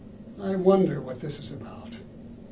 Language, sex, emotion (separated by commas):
English, male, fearful